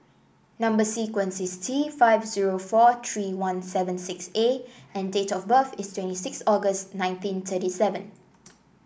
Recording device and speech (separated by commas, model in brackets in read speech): boundary microphone (BM630), read sentence